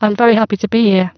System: VC, spectral filtering